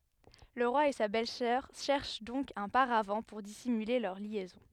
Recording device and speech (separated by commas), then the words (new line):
headset microphone, read sentence
Le roi et sa belle-sœur cherchent donc un paravent pour dissimuler leur liaison.